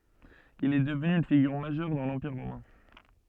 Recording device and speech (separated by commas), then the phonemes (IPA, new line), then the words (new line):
soft in-ear microphone, read sentence
il ɛ dəvny yn fiɡyʁ maʒœʁ dɑ̃ lɑ̃piʁ ʁomɛ̃
Il est devenu une figure majeure dans l'Empire romain.